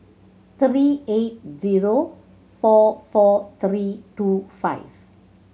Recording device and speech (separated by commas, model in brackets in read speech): mobile phone (Samsung C7100), read sentence